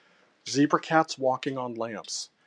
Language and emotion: English, disgusted